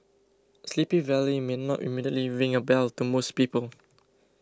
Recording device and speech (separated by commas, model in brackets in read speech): close-talking microphone (WH20), read sentence